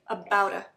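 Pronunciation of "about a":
In 'about a', the t at the end of 'about' sounds like a d.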